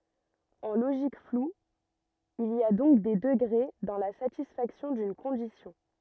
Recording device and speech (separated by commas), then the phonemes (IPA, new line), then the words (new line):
rigid in-ear microphone, read sentence
ɑ̃ loʒik flu il i a dɔ̃k de dəɡʁe dɑ̃ la satisfaksjɔ̃ dyn kɔ̃disjɔ̃
En logique floue, il y a donc des degrés dans la satisfaction d'une condition.